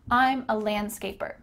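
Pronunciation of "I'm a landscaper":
In 'landscaper', the d is cut out.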